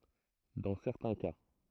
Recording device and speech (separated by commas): throat microphone, read sentence